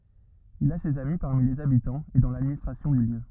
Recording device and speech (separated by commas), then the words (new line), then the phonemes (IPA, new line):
rigid in-ear microphone, read sentence
Il a ses amis parmi les habitants et dans l'administration du lieu.
il a sez ami paʁmi lez abitɑ̃z e dɑ̃ ladministʁasjɔ̃ dy ljø